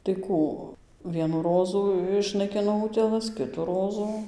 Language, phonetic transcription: Lithuanian, tai ˈkų ˈvienų ˈrozų išnaiˈkino ˈutėlas ˈkitų ˈrozu

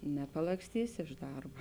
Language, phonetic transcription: Lithuanian, nepalaksˈtysi iš ˈdarba

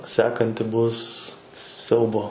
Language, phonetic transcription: Lithuanian, ˈsekanti ˈbus ˈsiaubo

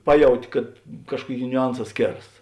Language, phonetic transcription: Lithuanian, ˈpaˌjauti kad ˈkažkuoˌkėi niuˈanˌsā ˈskėras

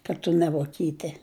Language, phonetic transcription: Lithuanian, kad ˈtu ne voˈkyte

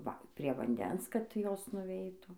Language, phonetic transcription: Lithuanian, ˈva prie vanˈdens kad ˈjos nuˈveitų

